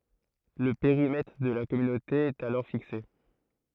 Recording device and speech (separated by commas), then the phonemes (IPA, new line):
throat microphone, read sentence
lə peʁimɛtʁ də la kɔmynote ɛt alɔʁ fikse